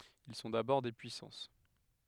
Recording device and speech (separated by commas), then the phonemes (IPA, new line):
headset microphone, read sentence
il sɔ̃ dabɔʁ de pyisɑ̃s